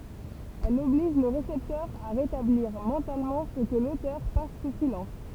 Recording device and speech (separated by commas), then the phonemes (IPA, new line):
temple vibration pickup, read sentence
ɛl ɔbliʒ lə ʁesɛptœʁ a ʁetabliʁ mɑ̃talmɑ̃ sə kə lotœʁ pas su silɑ̃s